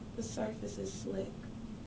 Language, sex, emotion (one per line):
English
female
neutral